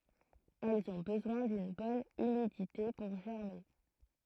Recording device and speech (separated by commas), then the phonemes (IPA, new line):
throat microphone, read sentence
ɛlz ɔ̃ bəzwɛ̃ dyn bɔn ymidite puʁ ʒɛʁme